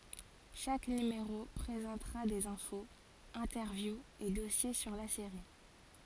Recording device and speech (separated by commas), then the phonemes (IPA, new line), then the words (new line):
forehead accelerometer, read sentence
ʃak nymeʁo pʁezɑ̃tʁa dez ɛ̃foz ɛ̃tɛʁvjuz e dɔsje syʁ la seʁi
Chaque numéro présentera des infos, interviews et dossiers sur la série.